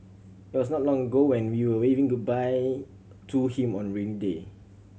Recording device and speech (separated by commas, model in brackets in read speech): mobile phone (Samsung C7100), read sentence